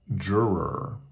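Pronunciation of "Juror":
'Juror' is said with a North American pronunciation.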